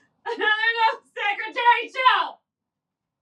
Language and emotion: English, sad